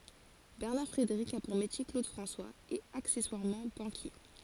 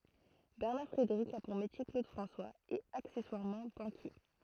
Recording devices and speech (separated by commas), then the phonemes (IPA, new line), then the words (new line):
forehead accelerometer, throat microphone, read sentence
bɛʁnaʁ fʁedeʁik a puʁ metje klod fʁɑ̃swaz e aksɛswaʁmɑ̃ bɑ̃kje
Bernard Frédéric a pour métier Claude François… et accessoirement, banquier.